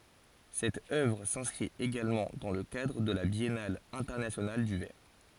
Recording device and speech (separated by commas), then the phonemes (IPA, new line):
forehead accelerometer, read sentence
sɛt œvʁ sɛ̃skʁit eɡalmɑ̃ dɑ̃ lə kadʁ də la bjɛnal ɛ̃tɛʁnasjonal dy vɛʁ